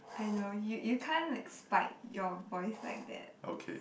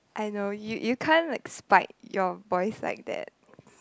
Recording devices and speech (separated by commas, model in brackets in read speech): boundary microphone, close-talking microphone, conversation in the same room